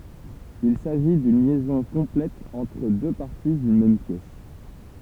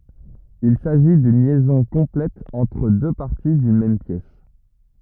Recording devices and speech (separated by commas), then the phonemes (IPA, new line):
temple vibration pickup, rigid in-ear microphone, read sentence
il saʒi dyn ljɛzɔ̃ kɔ̃plɛt ɑ̃tʁ dø paʁti dyn mɛm pjɛs